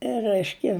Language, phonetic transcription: Lithuanian, ˈræiškia

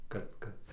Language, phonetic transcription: Lithuanian, ˈkad ˈkad

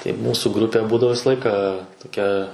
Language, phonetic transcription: Lithuanian, tai ˈmūsu ˈgrupė ˈbūdavo ˈvisa ˈlaiką toˈkia

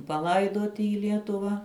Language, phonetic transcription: Lithuanian, paˈlaidoti į ˈlietuva

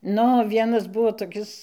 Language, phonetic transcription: Lithuanian, ˈnu o ˈvienas ˈbuo toˈkis

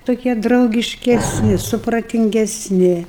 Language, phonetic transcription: Lithuanian, toˈkie draugiškesˈni supratingesˈni

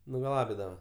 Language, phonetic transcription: Lithuanian, nugaˈlabidava

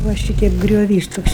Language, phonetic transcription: Lithuanian, va ˈšyteip grioˈvys ˈtoks

